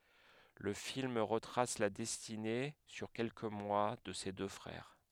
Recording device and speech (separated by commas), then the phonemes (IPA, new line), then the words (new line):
headset microphone, read sentence
lə film ʁətʁas la dɛstine syʁ kɛlkə mwa də se dø fʁɛʁ
Le film retrace la destinée, sur quelques mois, de ces deux frères.